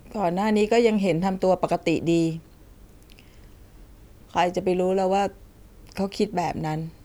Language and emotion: Thai, sad